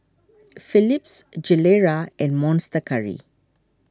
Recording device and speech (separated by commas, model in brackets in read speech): standing microphone (AKG C214), read sentence